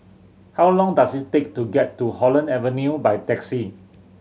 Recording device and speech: mobile phone (Samsung C7100), read sentence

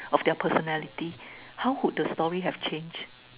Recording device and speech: telephone, conversation in separate rooms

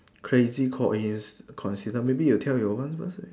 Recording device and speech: standing microphone, conversation in separate rooms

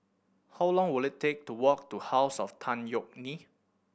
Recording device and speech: boundary microphone (BM630), read sentence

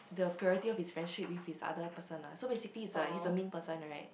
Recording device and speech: boundary microphone, conversation in the same room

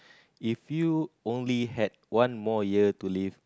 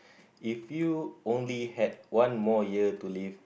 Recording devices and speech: close-talking microphone, boundary microphone, conversation in the same room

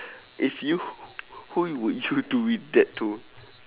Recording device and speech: telephone, conversation in separate rooms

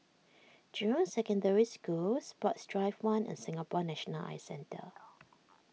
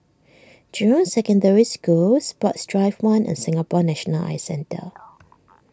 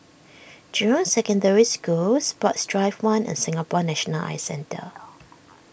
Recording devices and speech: mobile phone (iPhone 6), standing microphone (AKG C214), boundary microphone (BM630), read sentence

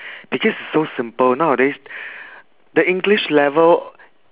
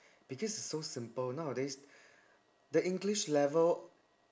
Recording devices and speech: telephone, standing microphone, conversation in separate rooms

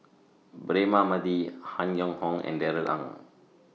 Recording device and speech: mobile phone (iPhone 6), read sentence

